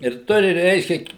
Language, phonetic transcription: Lithuanian, ir ˈturi ˈreiškia

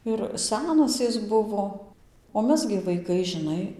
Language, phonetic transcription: Lithuanian, ir ˈsenas ˈis ˈbuvo o ˈmes gi vaiˈkai žiˈnai

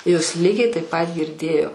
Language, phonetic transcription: Lithuanian, jos ˈlygiai taip pat girˈdėjo

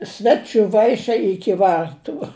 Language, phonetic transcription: Lithuanian, ˈsvečiu ˈvaišiai ˈiki ˈvartu

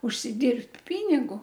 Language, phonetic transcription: Lithuanian, užsiˈdirbt ˈpinigu

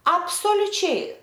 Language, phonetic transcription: Lithuanian, absoliuˈčiai

